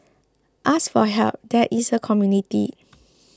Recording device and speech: close-talking microphone (WH20), read sentence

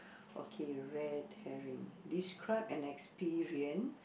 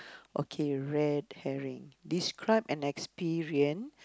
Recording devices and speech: boundary microphone, close-talking microphone, conversation in the same room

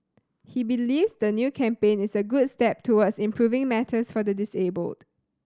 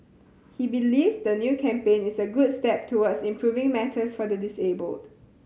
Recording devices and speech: standing microphone (AKG C214), mobile phone (Samsung C7100), read sentence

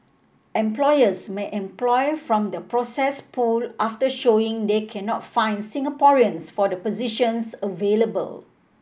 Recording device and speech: boundary microphone (BM630), read sentence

